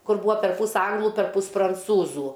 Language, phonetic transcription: Lithuanian, ˈkur ˈbūa perˈpūs ˈanglu perˈpūs pranˈcūzų

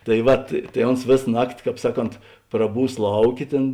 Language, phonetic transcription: Lithuanian, tai ˈvat tai ˈons ˈvės ˈnakti ˈkāp ˈsaˌkont praˈbūs ˈlauˌkė ˈtėn

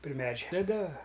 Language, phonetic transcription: Lithuanian, pri ˈmedžia taˈda

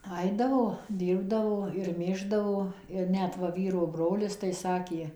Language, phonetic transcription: Lithuanian, ˈaidavo ˈdyrbdavo ir ˈmėždavo ir ˈnet ˈva ˈvyro ˈbrolis tai ˈsakė

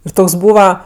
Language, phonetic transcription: Lithuanian, ir ˈtoks ˈbūva

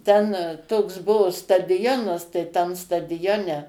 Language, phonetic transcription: Lithuanian, ten toks ˈbuvo stadiˈjonas tai ˈten stadiˈjone

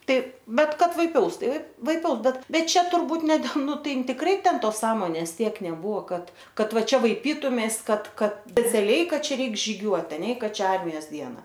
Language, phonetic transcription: Lithuanian, ˈtai ˈbet ˈkad vaiˈpiaus ˈtai vaiˈpiaus ˈbet ˈbet ˈčia turˈbūt ne del ˈnu ˈtai in tikˈrai ˈten ˈtos ˈsąmonės ˈtiek neˈbūvo ˈkad ˈkad ˈva ˈčia vaiˈpytumeis ˈkad ˈkad speciaˈliai ˈkad ˈčia ˈreik žyˈgiuot aˈne i ˈka ˈčia ˈarmijos ˈdiena

